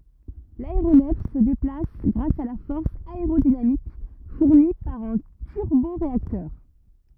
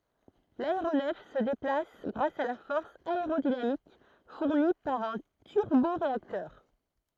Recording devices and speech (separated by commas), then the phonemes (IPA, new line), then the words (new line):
rigid in-ear microphone, throat microphone, read sentence
laeʁonɛf sə deplas ɡʁas a la fɔʁs aeʁodinamik fuʁni paʁ œ̃ tyʁboʁeaktœʁ
L'aéronef se déplace grâce à la force aérodynamique fournie par un turboréacteur.